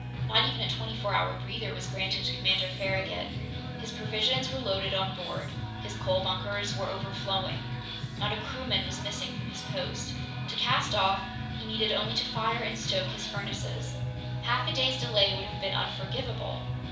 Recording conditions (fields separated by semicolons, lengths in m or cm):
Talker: one person; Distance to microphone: 5.8 m; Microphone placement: far; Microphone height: 1.8 m; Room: medium-sized (5.7 m by 4.0 m); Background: music